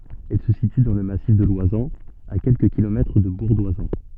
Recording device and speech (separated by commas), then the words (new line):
soft in-ear microphone, read sentence
Elle se situe dans le massif de l'Oisans, à quelques kilomètres de Bourg-d'Oisans.